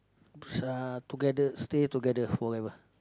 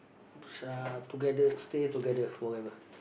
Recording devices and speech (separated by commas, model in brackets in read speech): close-talking microphone, boundary microphone, conversation in the same room